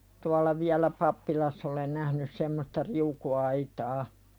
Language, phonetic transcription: Finnish, tualla viälä 'pappilass ‿olen nähnys semmosta "riuku₍aitaa .
- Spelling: tuolla vielä pappilassa olen nähnyt semmoista riukuaitaa

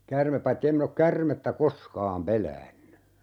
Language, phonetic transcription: Finnish, 'kärmep paitti 'em min ‿ok "kärmettä 'koskaam 'peläänny .
- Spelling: käärme paitsi en minä ole käärmettä koskaan pelännyt

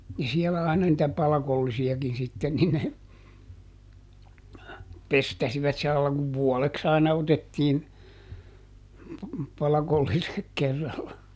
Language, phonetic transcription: Finnish, ja ˈsiɛlä aina nitä ˈpalakollisi₍akin sitten ni ne , ˈpestäsivat (sillaila) kuv "vuɔleks ‿aina ˈotettiin , ˈpalakollisek ˈkerralla .
- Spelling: ja siellä aina niitä palkollisiakin sitten niin ne pestasivat sillä lailla kun vuodeksi aina otettiin palkolliset kerralla

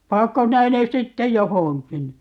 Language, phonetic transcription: Finnish, 'paakko 'sinä ne 'sitte "johoŋkin ?
- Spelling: panetko sinä ne sitten johonkin

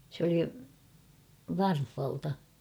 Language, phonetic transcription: Finnish, s ‿oli , "Varfh̬alta .
- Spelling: se oli Varhalta

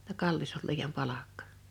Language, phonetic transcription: Finnish, [jot]ta » "kallis ol 'liijam "palakkᴀ « .
- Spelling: jotta kallis oli liian palkka

